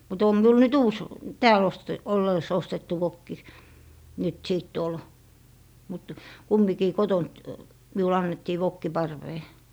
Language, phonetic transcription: Finnish, mut om 'miul nyt "uus , "tääl oste - 'olleis ostettu 'vokki , nyt 'sìt tuol , mut 'kummikii "kotont 'miul ‿annettii 'vokki "parvee .
- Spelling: mutta on minulla nyt uusi täällä - ollessa ostettu vokki nyt sitten tuolla mutta kumminkin kotoa minulle annettiin vokki parveen

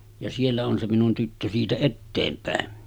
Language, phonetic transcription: Finnish, ja 'siellä on se 'minun tyttö 'siitä "etteempä̀en .
- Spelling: ja siellä on se minun tyttö siitä eteenpäin

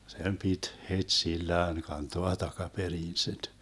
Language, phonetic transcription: Finnish, 'sem pit , "het'sillään 'kantoa 'takaperiin sit .
- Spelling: sen piti heti sillään kantaa takaperin sitten

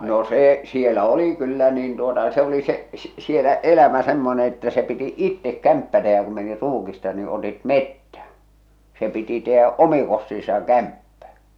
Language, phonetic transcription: Finnish, no 'see , 'sielä "oli kyllä niin tuota se oli se , s- sielä 'elämä 'semmone että se piti "ittek "kämppä tehä kum meni "ruukista ni otit "mettä , se piti tehä’ "’omiŋ kostiisaŋ "kämppä .
- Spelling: no se siellä oli kyllä niin tuota se oli se - siellä elämä semmoinen että se piti itse kämppä tehdä kun meni ruukista niin otit metsän se piti tehdä omin kostinsa kämppä

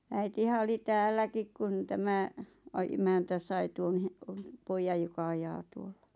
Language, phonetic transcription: Finnish, 'äitihä oli "täälläkik kun 'tämä , a- 'emäntä sai 'tuon he- , "poijaj joka 'ajaa 'tuollᴀ .
- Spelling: äitihän oli täälläkin kun tämä - emäntä sai tuon - pojan joka ajaa tuolla

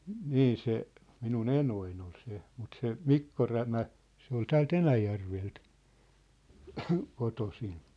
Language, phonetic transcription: Finnish, 'nii se , minu"n ‿enoin ‿ol 'se , mut 'se , "Mikko 'Rämä , 'se ‿ol 'tääl"t ‿Enäjärvelt , 'kotosin .
- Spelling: niin se minun enoni oli se mutta se Mikko Rämä se oli täältä Enäjärveltä kotoisin

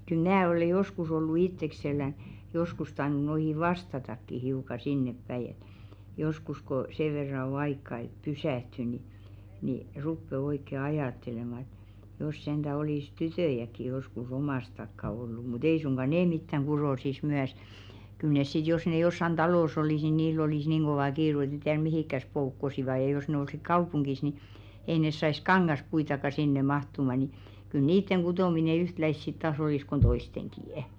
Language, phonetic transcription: Finnish, kyl "mnää ole 'joskus ollu "itteksellän , 'joskus tainu noihi "vastatakki hiuka 'sinneppäi et , joskus ko , 'seᵛ verra o 'aikka et "pysä̀hty ni , ni 'ruppe 'oikke "ajàttelema ᵉᵗ , jos senᴅä 'olìs "tytö̀jäk̆ki josku's ‿omàs takka 'ollu mu't ‿ei suŋɢa "nee mittäŋ "ɢuròsis 'myäs , kyl 'nes sit jos ne 'jossan "ᴅalòs ‿olìs ni 'niill ‿olìs 'niiŋ ɢovà 'kiiru et ne 'tiär "mihikkäs 'poukkosiva ja jos ne 'olsik "kaupuŋɢis ni , 'ei nes sais "kaŋŋaspuitaka 'sinne 'mahtuma ni , kyl 'niitteŋ 'ɢutòmine "yhtläis sit taas olìs kon 'toisteŋkì₍ᵊ .
- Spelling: kyllä minä ole joskus ollut itsekselläni joskus tainnut noihin vastatakin hiukan sinnepäin että joskus kun sen verran on aikaa että pysähtyy niin niin rupeaa oikein ajattelemaan ja jos sentään olisi tyttöjäkin joskus omasta takaa ollut mutta ei suinkaan ne mitään kutoisi myös kyllä ne sitten jos ne jossakin talossa olisi niin niillä olisi niin kova kiire että ne tiedä mihinkäs poukkoisivat ja jos ne olisikin kaupungissa niin ei ne saisi kangaspuitakaan sinne mahtumaan niin kyllä niiden kutominen yhtäläistä sitten taas olisi kuin toistenkin

